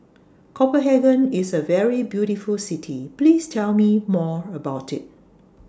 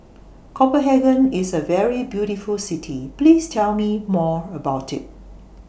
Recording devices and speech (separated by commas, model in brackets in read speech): standing microphone (AKG C214), boundary microphone (BM630), read sentence